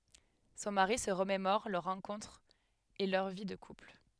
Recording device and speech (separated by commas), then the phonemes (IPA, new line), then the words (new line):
headset microphone, read sentence
sɔ̃ maʁi sə ʁəmemɔʁ lœʁ ʁɑ̃kɔ̃tʁ e lœʁ vi də kupl
Son mari se remémore leur rencontre et leur vie de couple.